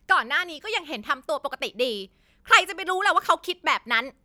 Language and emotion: Thai, angry